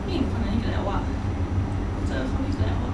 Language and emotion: Thai, sad